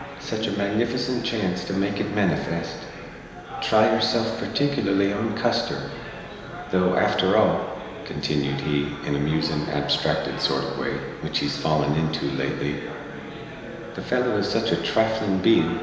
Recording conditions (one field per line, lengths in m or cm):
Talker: one person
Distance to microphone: 1.7 m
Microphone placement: close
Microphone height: 1.0 m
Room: very reverberant, large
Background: babble